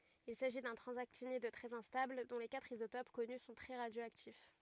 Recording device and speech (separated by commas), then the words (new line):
rigid in-ear microphone, read sentence
Il s'agit d'un transactinide très instable dont les quatre isotopes connus sont très radioactifs.